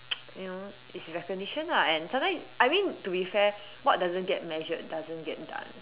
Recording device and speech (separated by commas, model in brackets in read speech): telephone, conversation in separate rooms